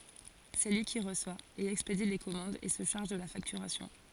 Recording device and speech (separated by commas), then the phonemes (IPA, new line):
forehead accelerometer, read sentence
sɛ lyi ki ʁəswa e ɛkspedi le kɔmɑ̃dz e sə ʃaʁʒ də la faktyʁasjɔ̃